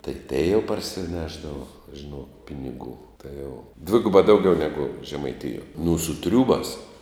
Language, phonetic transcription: Lithuanian, tai tei jau parsiˈnešdavo žiˈnok ˈpinigų tai jau ˈdvigubā ˈdaugiau negu žemaiˈtijuo nu su ˈtriūbās

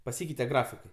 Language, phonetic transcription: Lithuanian, paˈsykeite ˈgrafikai

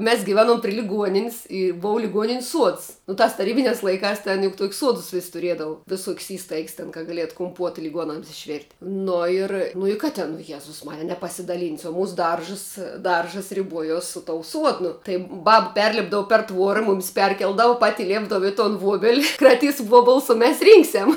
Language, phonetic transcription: Lithuanian, mes giˈveˌnuom pri liˈguoninis' i ˈbou liˈguonin's' suods nu ˈtās taˈrybiniās laiˈkās ˈten juk tuok's' ˈsuodus vis' tuˈriedavu viˈsuok's' ˈįstaigs ten ka gaˈlietu kuˈmpuota liˈguonams išˈvirt' ˈno ir nu i ˈką tin o ˈjezus ˈmarija nepasidaˈlynsi o ˈmūsu ˈdaržs ˈdaržs riˈbuojos su tou ˈsuodnu tai ˈbaba ˈperlipdavu per ˈtvuora ˈmumis ˈperkeldavu ˈpati ˈliepdavu i ton ˈvuobeli kraˈtys ˈvuobuls o mes ˈrynksiam

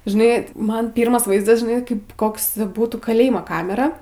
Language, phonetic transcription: Lithuanian, žiˈnai ˈman ˈpyrmas ˈvaizdas žiˈnai ˈkaip ˈkoks ˈbūtų kaˈlėjmo ˈkamera

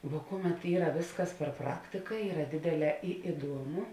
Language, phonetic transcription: Lithuanian, vuo ˈkuˌmet ˈyra ˈvėsˌkas per ˈpraktika ˈyra ˈdėdėˌlē i iˈduomu

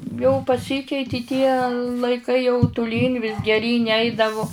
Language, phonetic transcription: Lithuanian, jau paˈsykeiti tie laiˈkai jau tuˈlyn vis geˈryn' ˈeidavu

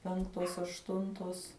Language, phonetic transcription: Lithuanian, ˈpenktos ašˈtuntos

